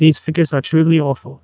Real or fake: fake